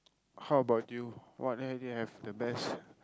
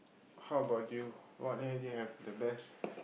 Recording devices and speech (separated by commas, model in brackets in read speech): close-talking microphone, boundary microphone, conversation in the same room